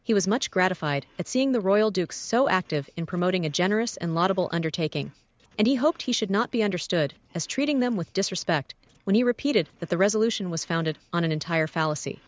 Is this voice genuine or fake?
fake